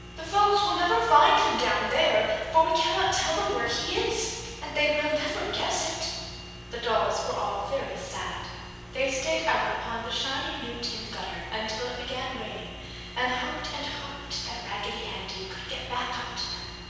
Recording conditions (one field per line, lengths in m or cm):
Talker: one person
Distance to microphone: 7.1 m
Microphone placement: far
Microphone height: 1.7 m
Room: very reverberant, large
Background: none